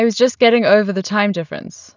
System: none